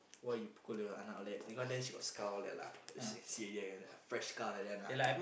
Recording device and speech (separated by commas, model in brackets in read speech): boundary microphone, conversation in the same room